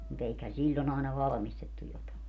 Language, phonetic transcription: Finnish, mu't ‿eikhän̬ "siĺĺon ‿àena 'valᵃmistettu jotae .
- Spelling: mutta eiköhän silloin aina valmistettu jotakin

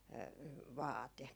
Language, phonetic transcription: Finnish, 'vaate .
- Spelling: vaate

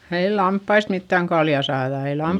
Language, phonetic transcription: Finnish, ei lamppaist mittäŋ kalja saaδa - ei lamp- ,.
- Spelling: ei lampaista mitään kaljaa saada ei -

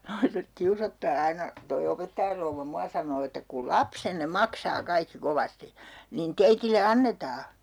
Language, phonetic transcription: Finnish, 'naiset 'kiusottaa "aina , toi 'opettajar rouvva 'mua sanoo että » ku "lapsenne "maksaa 'kaikki 'kovasti , niin 'teitile "annetaa » .
- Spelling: naiset kiusoittaa aina tuo opettajan rouva minua sanoo että kun lapsenne maksaa kaikki kovasti niin teille annetaan

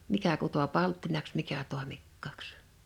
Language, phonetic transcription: Finnish, 'mikä kuto 'palttinaks 'mikä 'tòemikkàks .
- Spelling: mikä kutoi palttinaksi mikä toimikkaaksi

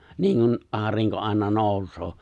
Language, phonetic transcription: Finnish, 'niinkun , '’aariŋko 'ài̬na 'nòus̀oo .
- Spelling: niin kuin aurinko aina nousee

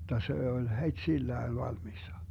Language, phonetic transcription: Finnish, hottA 'sè oĺ , 'het́"sillään 'valmissa .
- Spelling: jotta se oli heti sillään valmiina

